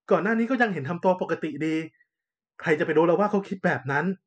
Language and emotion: Thai, neutral